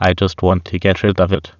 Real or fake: fake